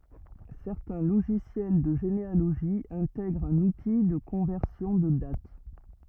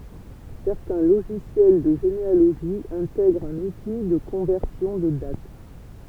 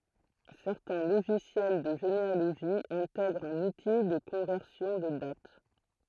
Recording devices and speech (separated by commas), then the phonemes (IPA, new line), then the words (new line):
rigid in-ear microphone, temple vibration pickup, throat microphone, read sentence
sɛʁtɛ̃ loʒisjɛl də ʒenealoʒi ɛ̃tɛɡʁt œ̃n uti də kɔ̃vɛʁsjɔ̃ də dat
Certains logiciels de généalogie intègrent un outil de conversion de date.